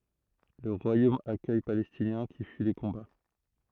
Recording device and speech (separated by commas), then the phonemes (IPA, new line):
throat microphone, read sentence
lə ʁwajom akœj palɛstinjɛ̃ ki fyi le kɔ̃ba